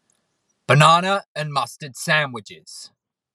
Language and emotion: English, angry